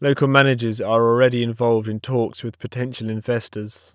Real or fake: real